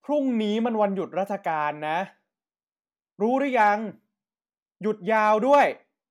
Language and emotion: Thai, frustrated